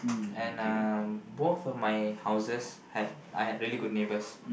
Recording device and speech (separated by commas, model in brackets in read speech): boundary microphone, conversation in the same room